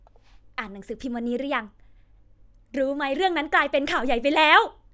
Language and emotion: Thai, happy